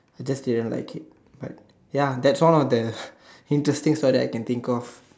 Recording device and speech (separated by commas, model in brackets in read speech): standing microphone, conversation in separate rooms